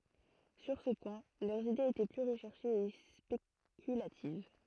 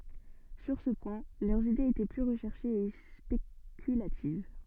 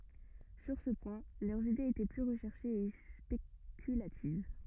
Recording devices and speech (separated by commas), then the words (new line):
throat microphone, soft in-ear microphone, rigid in-ear microphone, read sentence
Sur ce point, leurs idées étaient plus recherchées et spéculatives.